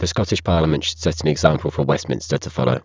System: VC, spectral filtering